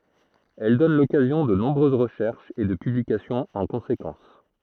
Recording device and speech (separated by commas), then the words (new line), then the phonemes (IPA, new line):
throat microphone, read sentence
Elles donnent l'occasion de nombreuses recherches et de publications en conséquence.
ɛl dɔn lɔkazjɔ̃ də nɔ̃bʁøz ʁəʃɛʁʃz e də pyblikasjɔ̃z ɑ̃ kɔ̃sekɑ̃s